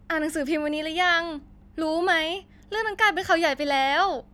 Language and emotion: Thai, happy